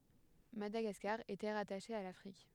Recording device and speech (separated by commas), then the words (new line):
headset microphone, read sentence
Madagascar était rattachée à l'Afrique.